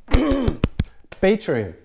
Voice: squeeky voice